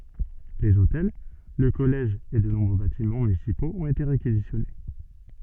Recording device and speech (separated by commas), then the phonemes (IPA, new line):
soft in-ear microphone, read sentence
lez otɛl lə kɔlɛʒ e də nɔ̃bʁø batimɑ̃ mynisipoz ɔ̃t ete ʁekizisjɔne